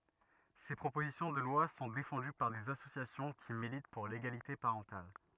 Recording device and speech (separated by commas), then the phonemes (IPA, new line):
rigid in-ear microphone, read sentence
se pʁopozisjɔ̃ də lwa sɔ̃ defɑ̃dy paʁ dez asosjasjɔ̃ ki milit puʁ leɡalite paʁɑ̃tal